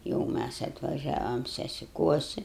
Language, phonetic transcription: Lithuanian, jau ˈmæs atvaˈžiavam sesiˈkuosi

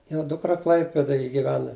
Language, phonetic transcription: Lithuanian, ˈviena ˈdukra ˈklaipedaj giˈvena

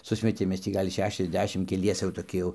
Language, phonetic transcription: Lithuanian, ˈsusmetėm ˈmes tį ˈgal' ˌšešiasˈdešim keˈliese jau toˈki jau

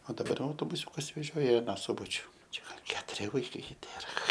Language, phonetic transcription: Lithuanian, o daˈbar jau autobuˈsiūkas veˈžioja i aˈną ˈsubačiu ˈčia gal ˈketuri vaiˈkai ˈtėra

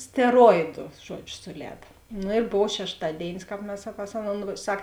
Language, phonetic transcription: Lithuanian, steˈroidu ˈžuodžiu suˈlēda ˈnu ir ˈbov šešˈtadėinis ˈkāp mes pas ˈaˌnon ˈsak

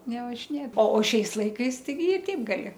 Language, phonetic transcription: Lithuanian, nevažiˈnėt o o ˈšiais ˈlaikais taiˈgi i ˈteip gaˈli

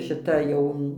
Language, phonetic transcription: Lithuanian, šiˈta ˈjau

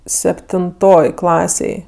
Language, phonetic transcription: Lithuanian, septinˈtoj ˈklasėj

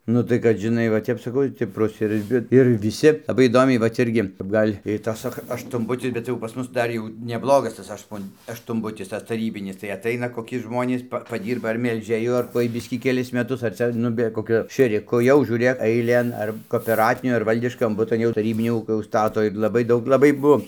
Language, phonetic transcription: Lithuanian, ˈnu tai kad žiˈnai va ˈtep saˈkau i tep ˈprost ir ˈvi ir viˈsi laˈbai įˈdomiai ˈva cia ˈirgi kap ˈgal' ir ˈtas ˈsak aštuonˈbutis bet jau pas ˈmus ˈdar jau neˈblogas tas ˈaštuon aštunˈbutis tas taˈrybinis tai aˈtaina koˈki ˈžmonys ˈpa paˈdyrba ar melžėˈju ar ˈkuoj ˈbiškį keˈlis meˈtus ar ˈcia ˈnu be koˈkiu šėriˈku jau žiūˈrėk aiˈlėn ar kopeˈratiniu ir ˈvaldiškam ˈbutu jau taˈrybinio ˈūkio užˈstato ir laˈbai ˈdaug laˈbai ˈbuo

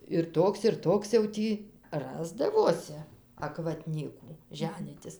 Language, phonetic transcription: Lithuanian, ir ˈtoks ir ˈtoks jau ˈtį ˈrasdavosi akvaˈtnykų ˈženytis

